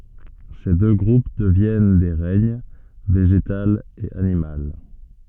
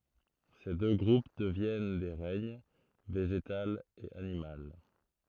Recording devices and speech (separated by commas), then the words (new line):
soft in-ear microphone, throat microphone, read sentence
Ces deux groupes deviennent des règnes, végétal et animal.